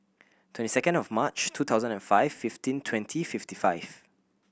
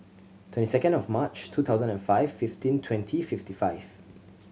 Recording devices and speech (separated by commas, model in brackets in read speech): boundary microphone (BM630), mobile phone (Samsung C7100), read sentence